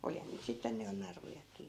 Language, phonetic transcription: Finnish, 'olihan niit 'sitten ny jo 'narujak̆kii .
- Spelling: olihan niitä sitten nyt jo narujakin

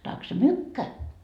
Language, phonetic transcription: Finnish, 'taksa "mykkä .
- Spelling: tack så mycket

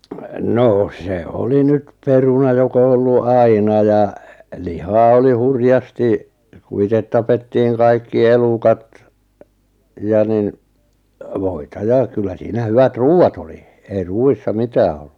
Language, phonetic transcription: Finnish, 'noo se 'oli 'nyt , 'peruna 'jok ‿o ollu "aina ja , 'lihaa oli 'hurjasti , ku 'itet 'tapettiiŋ 'kaikki 'elukat , ja nin , 'voita 'ja kyllä 'siinä 'hyvät "ruu₍at ‿oli , ei "ruu₍issa 'mitää ol[lu] .
- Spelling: no se oli nyt peruna joka on ollut aina ja lihaa oli hurjasti kun itse tapettiin kaikki elukat ja niin voita ja kyllä siinä hyvät ruuat oli ei ruuissa mitään ollut

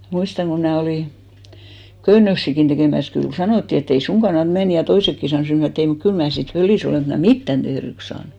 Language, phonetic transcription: Finnish, 'muistaŋ ko mnää 'olì , 'köyn̆nöksìkin tekèmäs kyl 'sanòtti et't‿ » ei "suŋ ɢannat 'men « 'toisekki sanòs mut (m ‿ajatteli) e't ‿ei mut 'kyl mää sit "fölì's ‿olè (vaik ‿em) mä "mittän 'tehryks saanᴜ .
- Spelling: muistan kun minä olin köynnöksiäkin tekemässä kyllä sanottiin että' ei sinun kannata mennä toisetkin sanoi mutta minä ajattelin että ei mutta kyllä minä sitten fölissä olen vaikka en minä mitään tehdyksi saanut

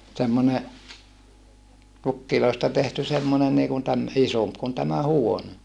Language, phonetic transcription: Finnish, semmone , pukkiloista tehty semmone niikun täm- , isomp kun tämä huone .
- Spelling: semmoinen pukeista tehty semmoinen niin kuin - isompi kuin tämä huone

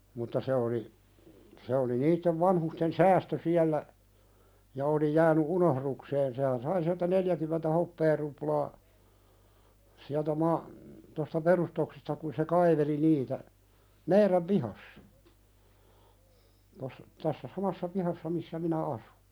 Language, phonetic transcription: Finnish, mutta 'se oli , se oli 'niittev 'vanhusten "säästö siällä , ja oli 'jääny "unohðukseen sehän "sai siältä 'neljäkymentä 'hoppeeruplaa , siältä ma- , tosta 'perustoksesta ku se "kaiveli 'niitä , "meiðän pihassa , tos- , tässä "samassa pihassa missä 'minä asu .
- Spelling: mutta se oli se oli niiden vanhusten säästö siellä ja oli jäänyt unohdukseen sehän sai sieltä neljäkymmentä hopearuplaa sieltä - tuosta perustuksesta kun se kaiveli niitä meidän pihassa - tässä samassa pihassa missä minä asun

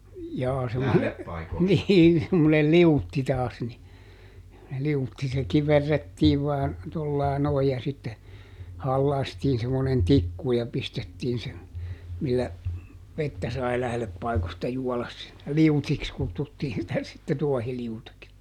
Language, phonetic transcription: Finnish, jaa semmone , ˈniin semmonel "liutti taas ni , liutti - se ˈkiverrettiiv vaan , tollaa ˈnoij ja sitte , ˈhallaastiin semmonen "tikku ja ˈpistettiin se , millä , ˈvettä sai ˈlähleppaikosta ˈjuɔlas si(llä) "liutiks ˈkuttuttiin sitä sitte "tuɔhiliutiks .
- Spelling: jaa semmoinen niin semmoinen liutti taas niin liutti se kiverrettiin vain tuolla lailla noin ja sitten halkaistiin semmoinen tikku ja pistettiin se millä vettä sai lähdepaikoista juoda sillä liutiksi kutsuttiin sitä sitten tuohiliutiksi

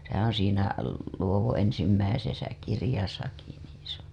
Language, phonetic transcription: Finnish, sehää̰ oo̰ siinä , Luovoo̰ ensimmäisesä 'kirĭjasaki nii se ‿o .
- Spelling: sehän on siinä Luodon ensimmäisessä kirjassakin niin se on

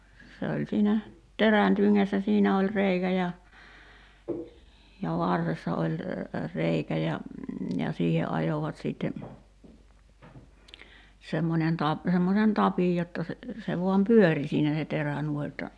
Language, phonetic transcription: Finnish, se oĺ 'siinä , 'terän tyŋŋässä 'siinä oĺ "reikä ja , ja "varressa oĺ , 'reikä ja , ja 'siihe '’ajovat siitte , semmońen 'tap- , 'semmosen "tapij jotta se , se 'vuam "pyöri siinä se 'terä 'nuoⁱ jotta ,.
- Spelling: se oli siinä terän tyngässä siinä oli reikä ja ja varressa oli reikä ja ja siihen ajoivat sitten semmoinen - semmoisen tapin jotta se se vain pyöri siinä se terä noin jotta

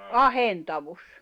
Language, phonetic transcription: Finnish, ahentavus .
- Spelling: ahentaus

